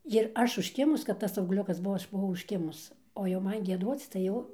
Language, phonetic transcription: Lithuanian, jir ˈaš užˈkimus kad ˈtas augˈliukas ˈbuvo ˈaš buˈvau užˈkimus o jau ˈman gieˈduoc tai ˈjau

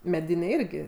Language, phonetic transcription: Lithuanian, meˈdiniai ˈirgi

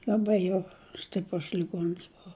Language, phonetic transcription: Lithuanian, l'aˈbai jau ˈstiprus liˈguons ˈbova

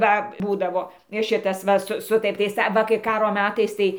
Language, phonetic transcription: Lithuanian, ˈva ˈbūdavo ˈšitas ˈva su ˈsutartys aˈva kai ˈkaro ˈmetais ˈtai

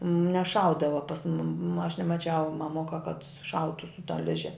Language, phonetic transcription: Lithuanian, neˈšaudava pas mum aš nemaˈčiau maˈmuka kad suˈšautu su ta ˈliže

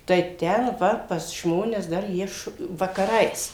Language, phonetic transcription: Lithuanian, tai ˈten ˈva pas ˈžmones dar ˈjie š vakaˈrais

